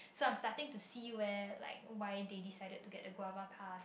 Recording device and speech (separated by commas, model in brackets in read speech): boundary microphone, conversation in the same room